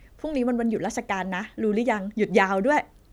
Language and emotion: Thai, happy